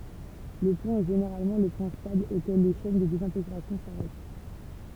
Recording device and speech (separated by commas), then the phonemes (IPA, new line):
temple vibration pickup, read sentence
lə plɔ̃ ɛ ʒeneʁalmɑ̃ lə pwɛ̃ stabl okɛl le ʃɛn də dezɛ̃teɡʁasjɔ̃ saʁɛt